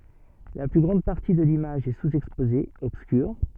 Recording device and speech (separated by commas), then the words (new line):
soft in-ear microphone, read sentence
La plus grande partie de l'image est sous-exposée, obscure.